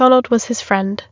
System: none